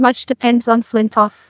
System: TTS, neural waveform model